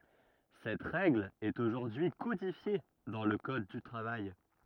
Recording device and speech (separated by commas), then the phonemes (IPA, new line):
rigid in-ear microphone, read sentence
sɛt ʁɛɡl ɛt oʒuʁdyi kodifje dɑ̃ lə kɔd dy tʁavaj